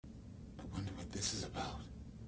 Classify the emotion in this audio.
fearful